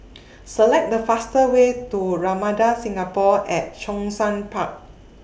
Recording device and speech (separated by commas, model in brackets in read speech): boundary microphone (BM630), read sentence